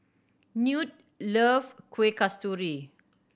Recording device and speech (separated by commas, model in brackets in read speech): boundary microphone (BM630), read sentence